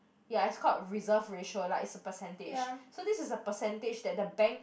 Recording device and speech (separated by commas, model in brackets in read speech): boundary microphone, conversation in the same room